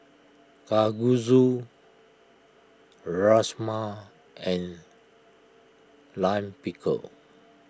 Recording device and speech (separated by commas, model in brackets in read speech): close-talking microphone (WH20), read sentence